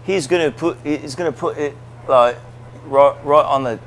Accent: british accent